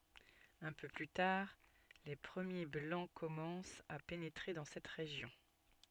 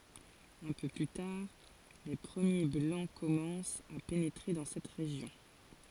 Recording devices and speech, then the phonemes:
soft in-ear microphone, forehead accelerometer, read sentence
œ̃ pø ply taʁ le pʁəmje blɑ̃ kɔmɑ̃st a penetʁe dɑ̃ sɛt ʁeʒjɔ̃

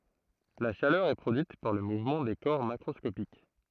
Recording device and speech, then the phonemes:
throat microphone, read sentence
la ʃalœʁ ɛ pʁodyit paʁ lə muvmɑ̃ de kɔʁ makʁɔskopik

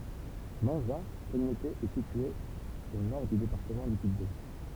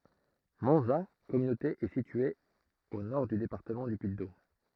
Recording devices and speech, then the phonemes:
temple vibration pickup, throat microphone, read sentence
mɑ̃za kɔmynote ɛ sitye o nɔʁ dy depaʁtəmɑ̃ dy pyiddom

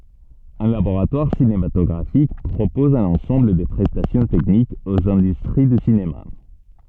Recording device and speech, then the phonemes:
soft in-ear microphone, read sentence
œ̃ laboʁatwaʁ sinematɔɡʁafik pʁopɔz œ̃n ɑ̃sɑ̃bl də pʁɛstasjɔ̃ tɛknikz oz ɛ̃dystʁi dy sinema

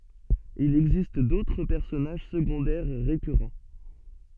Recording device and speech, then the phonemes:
soft in-ear microphone, read sentence
il ɛɡzist dotʁ pɛʁsɔnaʒ səɡɔ̃dɛʁ ʁekyʁɑ̃

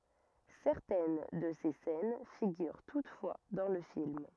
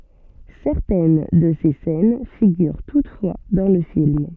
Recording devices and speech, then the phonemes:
rigid in-ear microphone, soft in-ear microphone, read sentence
sɛʁtɛn də se sɛn fiɡyʁ tutfwa dɑ̃ lə film

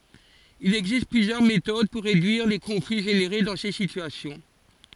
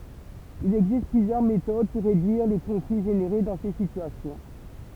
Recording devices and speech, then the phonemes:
forehead accelerometer, temple vibration pickup, read sentence
il ɛɡzist plyzjœʁ metod puʁ ʁedyiʁ le kɔ̃fli ʒeneʁe dɑ̃ se sityasjɔ̃

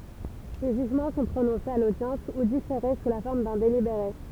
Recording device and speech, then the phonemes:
temple vibration pickup, read sentence
le ʒyʒmɑ̃ sɔ̃ pʁonɔ̃sez a lodjɑ̃s u difeʁe su la fɔʁm dœ̃ delibeʁe

